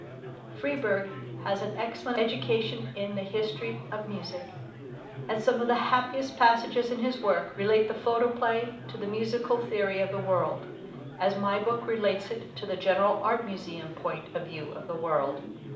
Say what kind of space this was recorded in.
A medium-sized room (about 5.7 m by 4.0 m).